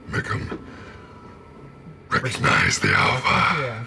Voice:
deeply